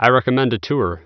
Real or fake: real